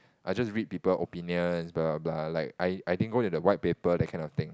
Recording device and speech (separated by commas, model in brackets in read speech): close-talking microphone, conversation in the same room